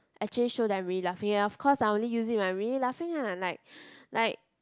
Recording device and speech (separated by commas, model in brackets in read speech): close-talking microphone, conversation in the same room